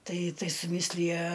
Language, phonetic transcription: Lithuanian, ˈtai ˈtai suˈmislija

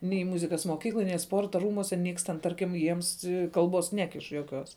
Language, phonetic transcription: Lithuanian, nei ˈmuzikas moˈkykloj nei ˈsporta ˈrūmuose ˈnieks ten ˈtarkim ˈjiems ˈkalbuos ˈnekiš juoˈkiuos

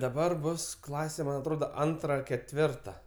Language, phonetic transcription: Lithuanian, daˈbar ˈbus ˈklase ˈman atˈroda ˈantra ketˈvirta

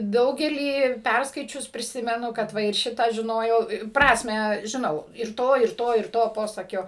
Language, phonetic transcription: Lithuanian, ˈdaugelį ˈpærskaičius priˈsimenu kadˈ va ir ˈšitą žiˈnojau ˈprasmę žiˈnau ir ˈto ir ˈto ir ˈto ˈposakio

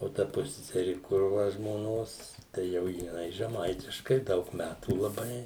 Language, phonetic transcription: Lithuanian, o ˈta ˈpusseseri ˈkur ˈva žmoˈnos tai ˈjau jiˈnai žeˈmaitiškai ˈdaug ˈmætų laˈbai

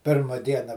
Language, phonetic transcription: Lithuanian, ˈpirma ˈdiena

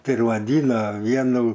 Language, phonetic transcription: Lithuanian, ˈtai ir vaˈdyna ˈvienu

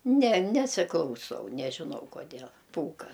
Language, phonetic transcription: Lithuanian, ne ˈnesiklauˌsau nežiˈnau koˈdėl ˈpūka

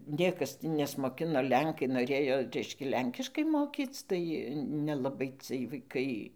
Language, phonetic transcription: Lithuanian, ˈniekas ti nesmoˈkino ˈlenkai noˈrėjo ˈreiškia ˈlenkiškai ˈmokyc tai nelaˈbai cɨɜj vaiˈkai

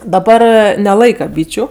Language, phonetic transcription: Lithuanian, daˈbar neˈlaika ˈbyčiu

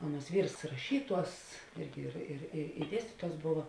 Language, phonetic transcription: Lithuanian, ˈaˌnuos ˈvyrs raˈšyˌtuos ˈirgi ir ir i i ˈdiestytuos ˈbova

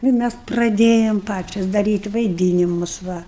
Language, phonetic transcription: Lithuanian, ˈnu i ˈmæs praˈdėjam ˈpačias daˈryt' vaiˈdynimus ˈva

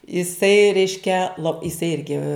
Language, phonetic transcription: Lithuanian, iˈsai ˈreiškia lo iˈsai ˈirgi

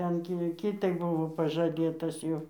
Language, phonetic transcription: Lithuanian, ˈten ki ˈkitai ˈbuvo pažaˈdėtas jau

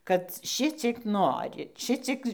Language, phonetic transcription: Lithuanian, kad ˈšiciek ˈnori ˈšiciek

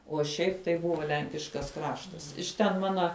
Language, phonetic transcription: Lithuanian, uo ˈšiaip tai ˈbuvo ˈlenkiškas ˈkraštas iš ten ˈmana

